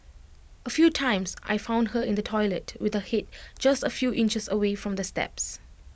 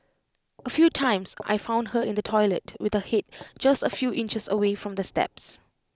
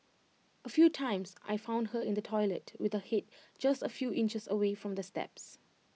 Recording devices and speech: boundary microphone (BM630), close-talking microphone (WH20), mobile phone (iPhone 6), read sentence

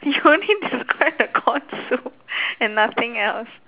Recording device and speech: telephone, conversation in separate rooms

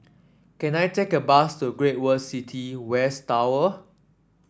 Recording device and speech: standing microphone (AKG C214), read sentence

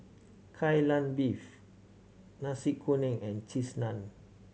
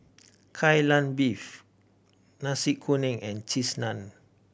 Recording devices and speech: mobile phone (Samsung C7100), boundary microphone (BM630), read sentence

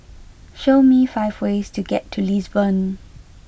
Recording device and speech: boundary microphone (BM630), read sentence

